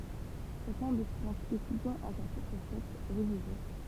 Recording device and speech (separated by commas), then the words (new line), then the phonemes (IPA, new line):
temple vibration pickup, read sentence
Chacun des cinq étudiants a sa propre fête religieuse.
ʃakœ̃ de sɛ̃k etydjɑ̃z a sa pʁɔpʁ fɛt ʁəliʒjøz